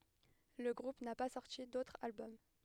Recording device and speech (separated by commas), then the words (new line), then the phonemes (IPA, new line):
headset microphone, read sentence
Le groupe n'a pas sorti d'autre album.
lə ɡʁup na pa sɔʁti dotʁ albɔm